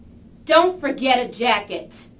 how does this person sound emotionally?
angry